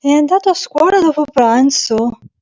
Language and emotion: Italian, surprised